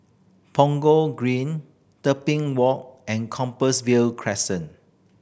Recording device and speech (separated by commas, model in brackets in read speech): boundary microphone (BM630), read sentence